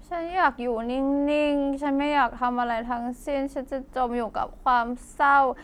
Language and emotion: Thai, frustrated